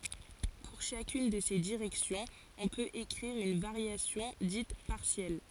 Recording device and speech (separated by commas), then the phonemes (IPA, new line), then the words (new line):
forehead accelerometer, read sentence
puʁ ʃakyn də se diʁɛksjɔ̃z ɔ̃ pøt ekʁiʁ yn vaʁjasjɔ̃ dit paʁsjɛl
Pour chacune de ces directions, on peut écrire une variation, dite partielle.